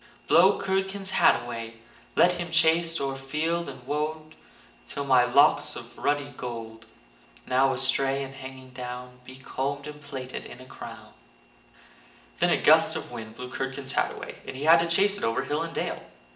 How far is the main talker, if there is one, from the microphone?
1.8 m.